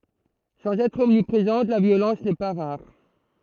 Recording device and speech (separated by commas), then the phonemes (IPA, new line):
throat microphone, read sentence
sɑ̃z ɛtʁ ɔmnipʁezɑ̃t la vjolɑ̃s nɛ pa ʁaʁ